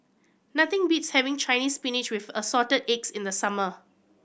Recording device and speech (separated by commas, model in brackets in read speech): boundary microphone (BM630), read sentence